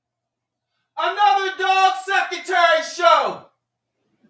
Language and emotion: English, neutral